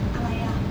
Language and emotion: Thai, neutral